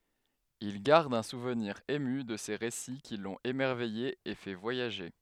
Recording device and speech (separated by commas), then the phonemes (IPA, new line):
headset microphone, read sentence
il ɡaʁd œ̃ suvniʁ emy də se ʁesi ki lɔ̃t emɛʁvɛje e fɛ vwajaʒe